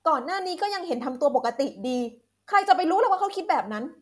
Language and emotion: Thai, frustrated